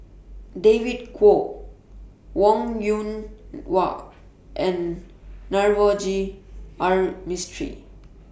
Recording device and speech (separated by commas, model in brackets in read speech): boundary microphone (BM630), read sentence